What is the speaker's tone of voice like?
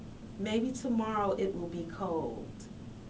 neutral